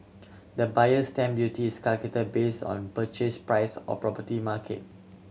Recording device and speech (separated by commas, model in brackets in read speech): mobile phone (Samsung C7100), read sentence